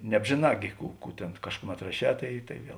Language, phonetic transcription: Lithuanian, nebžėˈnā gi ˈkų ˈkų tėn ˈkažkuˌmet raˈšē ˈtai ˈtai ˈviel

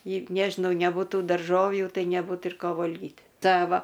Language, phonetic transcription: Lithuanian, i ˈnežinau nebuˈtų darˈžovjų ˈtai neˈbūt ir ˈko ˈvolgit' ˈte ˈva

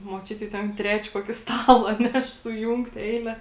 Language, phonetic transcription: Lithuanian, muoˈčiuti jau ˈten ˈtrečia ˈkuoki ˈstala ˈneš suˈjūngt' ˈeile

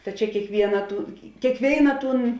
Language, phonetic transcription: Lithuanian, ta ˈčia kiekˈviena tų kėkˈvėina ˈtūn

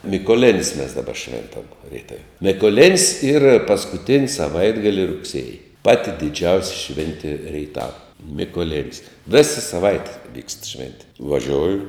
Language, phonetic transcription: Lithuanian, mykoˈlin's' mes daˈba ˈšventam rieˈtav' mikoˈlin's' yr paskuˈtin's' saˈvaitgali rugˈsėji ˈpati diˈdžiausi ˈšventi reiˈtava mikoˈlin's' ˈvėsa saˈvaite vykst ˈšventi vaˈžioju

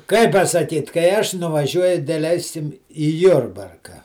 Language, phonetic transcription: Lithuanian, ˈkai pasaˈkyt kai ˈaš nuvaˈžiuoju deˈleisim į ˈjurbarka

